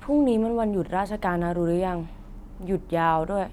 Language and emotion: Thai, frustrated